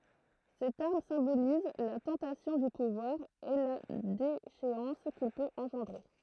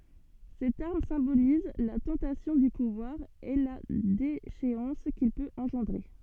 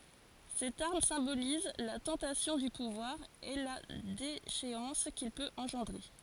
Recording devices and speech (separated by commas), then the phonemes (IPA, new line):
throat microphone, soft in-ear microphone, forehead accelerometer, read sentence
sɛt aʁm sɛ̃boliz la tɑ̃tasjɔ̃ dy puvwaʁ e la deʃeɑ̃s kil pøt ɑ̃ʒɑ̃dʁe